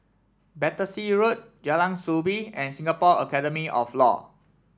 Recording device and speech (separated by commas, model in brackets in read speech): standing microphone (AKG C214), read sentence